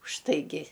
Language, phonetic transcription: Lithuanian, užtaiˈgi

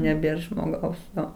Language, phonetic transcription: Lithuanian, neˈbėr žmoˈgaus ˈjo

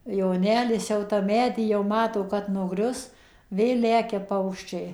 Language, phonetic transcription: Lithuanian, joˈnelis jau tam ˈmedy jauˈmato ˌkad nuˈgrius ˈvėl ˈlekia ˈpaukščiai

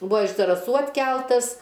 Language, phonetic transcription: Lithuanian, ˈbuo iš zaraˈsų atˈkeltas

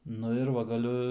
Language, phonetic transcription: Lithuanian, ˈnu ir ˈva gaˈliu

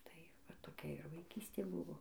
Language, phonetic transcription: Lithuanian, tai va toˈkia ir vaiˈkystė ˈbuvo

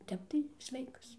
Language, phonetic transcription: Lithuanian, ˈtep tai ˈsveikas

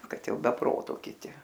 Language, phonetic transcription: Lithuanian, ˈkad ˈjau be ˈproto kiˈti

